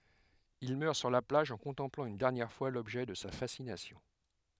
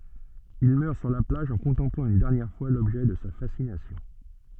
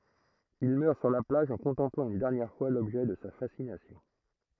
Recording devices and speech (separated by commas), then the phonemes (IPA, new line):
headset microphone, soft in-ear microphone, throat microphone, read sentence
il mœʁ syʁ la plaʒ ɑ̃ kɔ̃tɑ̃plɑ̃ yn dɛʁnjɛʁ fwa lɔbʒɛ də sa fasinasjɔ̃